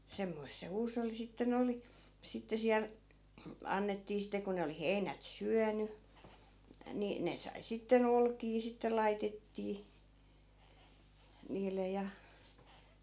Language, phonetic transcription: Finnish, 'semmoisᵗ se 'huusolli sitte'n ‿oli , 'sitte siäl , 'annettii sittᵉ ko ne oli "heinät 'syäny , 'ni , 'ne sai sitte'n ‿olkii sitte 'laitettii , 'niile ja .
- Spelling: semmoista se huusholli sitten oli sitten siellä annettiin sitten kun ne oli heinät syönyt niin ne sai sitten olkia sitten laitettiin niille ja

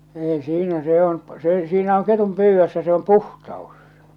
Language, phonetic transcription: Finnish, 'ei 'siinä se 'on , siinä oŋ ketum "pyyvvössä se om "puhtaos .
- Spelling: ei siinä se on siinä on ketun pyydössä se on puhtaus

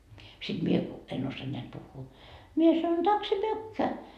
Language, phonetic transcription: Finnish, siD 'mie ku , 'en ossoa neät 'puhhuu , mie sanon » takse 'mykkä » .
- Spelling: sitten minä kun en osaa näet puhua minä sanon tack så mycket

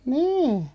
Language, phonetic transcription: Finnish, niin̬ .
- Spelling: niin

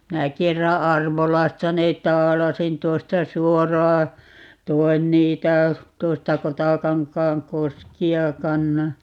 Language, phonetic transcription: Finnish, 'minä 'kerra "Arvolasta 'neet̆ "taalasin 'tuosta "suoraa , "toi̮n 'niitä , 'tuosta 'Kotakaŋkaaŋ "koski₍a 'kann(o) .
- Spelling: minä kerran Arvolasta ne taalasin tuosta suoraan toin niitä tuosta Kotakankaan koskea kannoin

